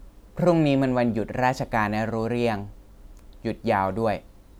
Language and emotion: Thai, neutral